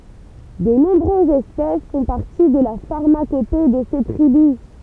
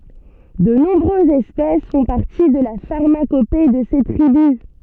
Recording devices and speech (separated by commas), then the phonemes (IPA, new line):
temple vibration pickup, soft in-ear microphone, read sentence
də nɔ̃bʁøzz ɛspɛs fɔ̃ paʁti də la faʁmakope də se tʁibys